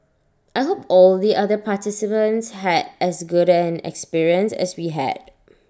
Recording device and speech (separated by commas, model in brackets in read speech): standing microphone (AKG C214), read sentence